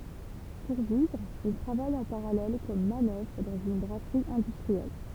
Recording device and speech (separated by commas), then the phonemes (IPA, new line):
temple vibration pickup, read sentence
puʁ vivʁ il tʁavaj ɑ̃ paʁalɛl kɔm manœvʁ dɑ̃z yn bʁasʁi ɛ̃dystʁiɛl